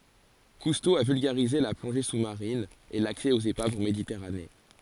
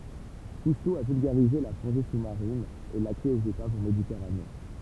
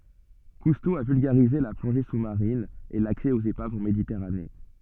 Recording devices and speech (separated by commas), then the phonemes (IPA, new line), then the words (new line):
forehead accelerometer, temple vibration pickup, soft in-ear microphone, read sentence
kusto a vylɡaʁize la plɔ̃ʒe su maʁin e laksɛ oz epavz ɑ̃ meditɛʁane
Cousteau a vulgarisé la plongée sous-marine et l'accès aux épaves en Méditerranée.